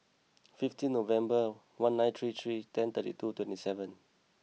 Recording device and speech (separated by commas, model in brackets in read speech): mobile phone (iPhone 6), read sentence